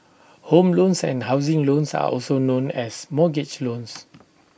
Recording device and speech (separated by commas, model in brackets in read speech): boundary microphone (BM630), read sentence